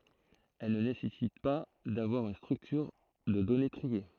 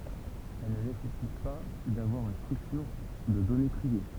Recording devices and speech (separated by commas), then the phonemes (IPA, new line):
throat microphone, temple vibration pickup, read sentence
ɛl nə nesɛsit pa davwaʁ yn stʁyktyʁ də dɔne tʁie